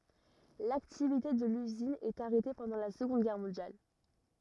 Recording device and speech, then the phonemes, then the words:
rigid in-ear microphone, read sentence
laktivite də lyzin ɛt aʁɛte pɑ̃dɑ̃ la səɡɔ̃d ɡɛʁ mɔ̃djal
L'activité de l'usine est arrêtée pendant la Seconde Guerre mondiale.

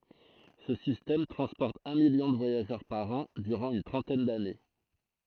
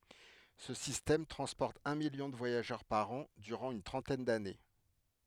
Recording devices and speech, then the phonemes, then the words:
throat microphone, headset microphone, read sentence
sə sistɛm tʁɑ̃spɔʁt œ̃ miljɔ̃ də vwajaʒœʁ paʁ ɑ̃ dyʁɑ̃ yn tʁɑ̃tɛn dane
Ce système transporte un million de voyageurs par an durant une trentaine d'années.

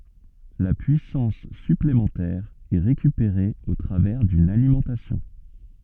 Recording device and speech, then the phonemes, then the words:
soft in-ear microphone, read sentence
la pyisɑ̃s syplemɑ̃tɛʁ ɛ ʁekypeʁe o tʁavɛʁ dyn alimɑ̃tasjɔ̃
La puissance supplémentaire est récupérée au travers d'une alimentation.

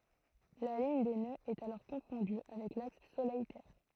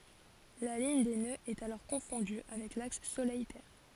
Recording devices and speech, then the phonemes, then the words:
throat microphone, forehead accelerometer, read sentence
la liɲ de nøz ɛt alɔʁ kɔ̃fɔ̃dy avɛk laks solɛj tɛʁ
La ligne des nœuds est alors confondue avec l’axe Soleil-Terre.

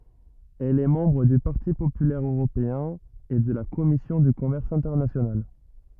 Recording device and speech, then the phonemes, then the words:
rigid in-ear microphone, read sentence
ɛl ɛ mɑ̃bʁ dy paʁti popylɛʁ øʁopeɛ̃ e də la kɔmisjɔ̃ dy kɔmɛʁs ɛ̃tɛʁnasjonal
Elle est membre du Parti populaire européen et de la Commission du commerce international.

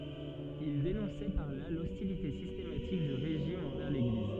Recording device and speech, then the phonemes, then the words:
soft in-ear microphone, read sentence
il denɔ̃sɛ paʁ la lɔstilite sistematik dy ʁeʒim ɑ̃vɛʁ leɡliz
Il dénonçait par là l'hostilité systématique du régime envers l'Église.

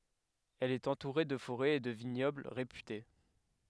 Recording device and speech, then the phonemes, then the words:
headset microphone, read sentence
ɛl ɛt ɑ̃tuʁe də foʁɛz e də viɲɔbl ʁepyte
Elle est entourée de forêts et de vignobles réputés.

